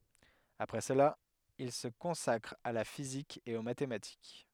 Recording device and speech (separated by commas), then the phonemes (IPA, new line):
headset microphone, read sentence
apʁɛ səla il sə kɔ̃sakʁ a la fizik e o matematik